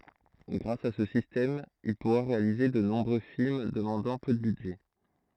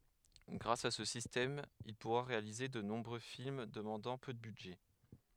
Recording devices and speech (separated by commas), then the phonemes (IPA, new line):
throat microphone, headset microphone, read sentence
ɡʁas a sə sistɛm il puʁa ʁealize də nɔ̃bʁø film dəmɑ̃dɑ̃ pø də bydʒɛ